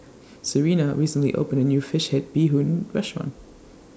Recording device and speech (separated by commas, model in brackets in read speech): standing microphone (AKG C214), read sentence